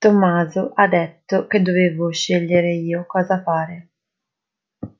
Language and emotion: Italian, sad